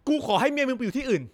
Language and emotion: Thai, angry